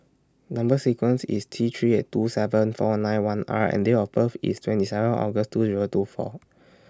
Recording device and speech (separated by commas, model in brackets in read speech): standing microphone (AKG C214), read sentence